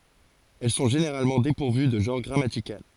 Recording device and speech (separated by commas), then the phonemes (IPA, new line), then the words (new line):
forehead accelerometer, read sentence
ɛl sɔ̃ ʒeneʁalmɑ̃ depuʁvy də ʒɑ̃ʁ ɡʁamatikal
Elles sont généralement dépourvues de genre grammatical.